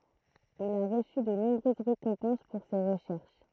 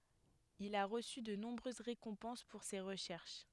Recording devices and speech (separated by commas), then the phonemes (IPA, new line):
throat microphone, headset microphone, read sentence
il a ʁəsy də nɔ̃bʁøz ʁekɔ̃pɑ̃s puʁ se ʁəʃɛʁʃ